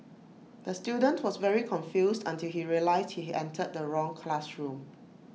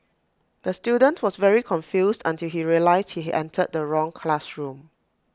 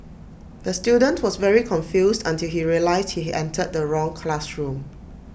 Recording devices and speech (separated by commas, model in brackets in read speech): mobile phone (iPhone 6), close-talking microphone (WH20), boundary microphone (BM630), read sentence